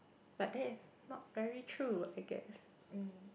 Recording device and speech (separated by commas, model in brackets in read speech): boundary microphone, conversation in the same room